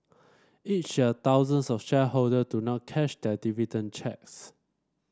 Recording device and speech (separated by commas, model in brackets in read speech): standing microphone (AKG C214), read sentence